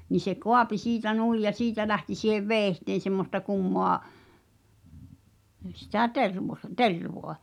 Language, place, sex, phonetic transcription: Finnish, Pihtipudas, female, ni se "koapi "siitä "nuij ja "siitä lähti si̳hev "veeⁱhteen̬ semmosta 'kummoa , sitä̀ "tervo(h-) , "tervoa͕ .
- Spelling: niin se kaapi siitä niin ja siitä lähti siihen veitseen semmoista kummaa sitä tervaa tervaa

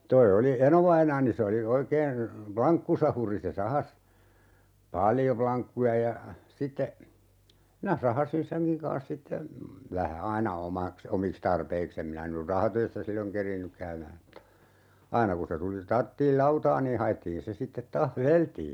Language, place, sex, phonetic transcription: Finnish, Urjala, male, 'toi oli , "enovainaani se oli , 'oikeen , "plaŋkkusahuri se 'sahas , "paljo 'plaŋkkuja ja , 'sitte , 'minä 'sahasin "seŋkiŋ kaa̰s 'sitte , 'vähä "aina 'omaks , "omiks tarpeik's ‿em minä nyr "rahatöissä 'silloŋ 'keriinnyk käymääm (mutta) , 'aina ku se tuli , 'tarttiil "lautaa nii 'haʲettiin 'se sittet 'taah "veleltii .
- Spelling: tuo oli enovainaani se oli oikein lankkusahuri se sahasi paljon lankkuja ja sitten minä sahasin senkin kanssa sitten vähän aina omaksi omiksi tarpeiksi en minä nyt rahatöissä silloin kerinnyt käymään mutta aina kun se tuli tarvittiin lautaa niin haettiin se sitten taas vedeltiin

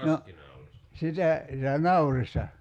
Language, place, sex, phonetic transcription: Finnish, Kerimäki, male, 'no , 'sitä , sitä "naurista ?
- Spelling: no sitä sitä naurista

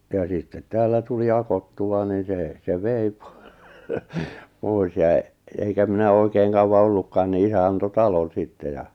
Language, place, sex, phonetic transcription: Finnish, Lappajärvi, male, ja sittet 'täällä tuli 'akottu₍a ni sè , se 'vei po- , 'pòis ja , 'eŋkä minä 'òikeeŋ kauwa 'ollukkaan ni 'isä anto "talon̬ 'sitte ja .
- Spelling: ja sitten täällä tuli akoittua niin se se vei - pois ja enkä minä oikein kauan ollutkaan niin isä antoi talon sitten ja

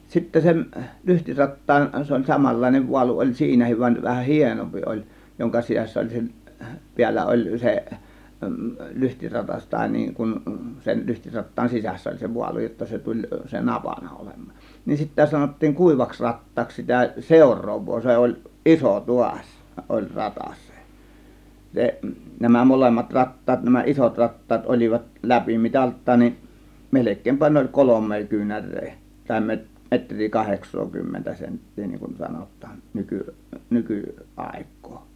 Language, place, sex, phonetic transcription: Finnish, Kiihtelysvaara, male, sittä 'sen , 'lyhtirattaan , 'se oĺ "samallàėnev 'vualu oĺ "siinähiv vań vähän , "hienompi ˀoĺ joŋka 'sisäs̆sä 'oĺ seˀ , 'piällä oĺ se , 'lyhtiratas tàė niiŋ kun , sen 'lyhtirattaan 'sisässä oĺ se 'vualu jotta 'se tuĺ (se) "napana 'olem̆mAAN , nin sittä sanottiiŋ 'kùivaks 'rat̀taaks sitä "sèȯr̆roov̆voo , 'se oĺ , "iso 'tuaś , 'oĺ "ratas 'se , 'se , 'nämä "molemmat 'rattaat nämä 'ˀisot 'rattaat ol͕ivat "läpimitalt̆taan nin , 'melek̆keempä ne oĺ "kolom̆mee 'kyynär̆ree , tàė 'me- , 'metr̆rii 'kaheks̆sookymmentä 'sent̀tii niŋkun 'sanot̆taan , 'nyky- , 'nyky "àėk̆kOO .
- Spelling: sitten sen lyhtirattaan se oli samanlainen vaalu oli siinäkin vaan vähän hienompi oli jonka sisässä oli se päällä oli se lyhtiratas tai niin kuin sen lyhtirattaan sisässä oli se vaalu jotta se tuli se napana olemaan niin sitten sanottiin kuivaksi rattaaksi sitä seuraavaa se oli iso taas oli ratas se se nämä molemmat rattaat nämä isot rattaat olivat läpimitaltaan niin melkeinpä ne oli kolme kyynärää tai - metriä kahdeksankymmentä senttiä niin kuin sanotaan - - nykyaikaa

